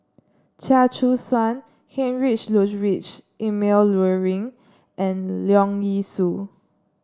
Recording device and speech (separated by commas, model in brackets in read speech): standing microphone (AKG C214), read sentence